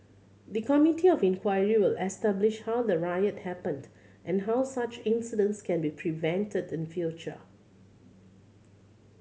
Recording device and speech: mobile phone (Samsung C7100), read sentence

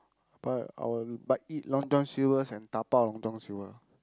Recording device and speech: close-talking microphone, conversation in the same room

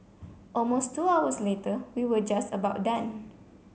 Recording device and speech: mobile phone (Samsung C7), read sentence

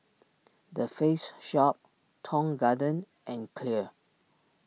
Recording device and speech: mobile phone (iPhone 6), read sentence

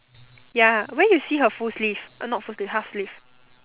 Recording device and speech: telephone, conversation in separate rooms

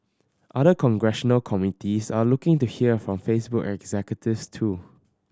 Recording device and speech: standing microphone (AKG C214), read sentence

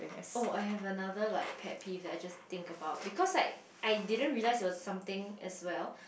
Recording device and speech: boundary microphone, conversation in the same room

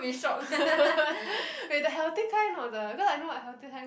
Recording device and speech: boundary microphone, conversation in the same room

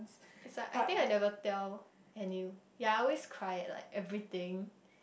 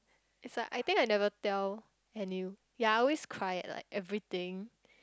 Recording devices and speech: boundary microphone, close-talking microphone, conversation in the same room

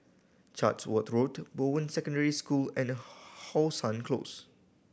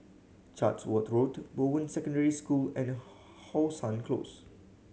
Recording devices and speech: boundary microphone (BM630), mobile phone (Samsung C7100), read sentence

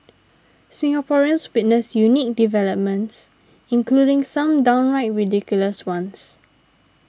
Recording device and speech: standing microphone (AKG C214), read sentence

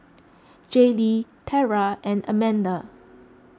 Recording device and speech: close-talking microphone (WH20), read sentence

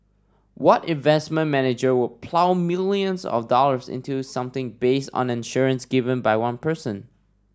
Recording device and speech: standing microphone (AKG C214), read sentence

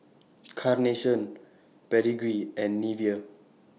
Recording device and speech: mobile phone (iPhone 6), read sentence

